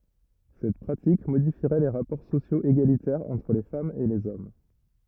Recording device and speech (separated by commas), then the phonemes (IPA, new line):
rigid in-ear microphone, read sentence
sɛt pʁatik modifiʁɛ le ʁapɔʁ sosjoz eɡalitɛʁz ɑ̃tʁ le famz e lez ɔm